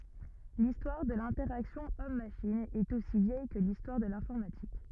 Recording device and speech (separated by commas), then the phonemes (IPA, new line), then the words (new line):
rigid in-ear microphone, read sentence
listwaʁ də lɛ̃tɛʁaksjɔ̃ ɔmmaʃin ɛt osi vjɛj kə listwaʁ də lɛ̃fɔʁmatik
L'histoire de l'interaction Homme-machine est aussi vieille que l'histoire de l'informatique.